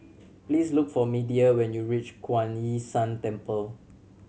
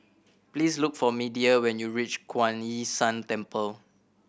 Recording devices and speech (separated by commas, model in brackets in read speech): mobile phone (Samsung C7100), boundary microphone (BM630), read sentence